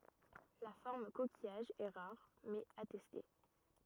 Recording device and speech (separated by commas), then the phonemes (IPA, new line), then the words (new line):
rigid in-ear microphone, read sentence
la fɔʁm kokijaʒ ɛ ʁaʁ mɛz atɛste
La forme coquillage est rare, mais attestée.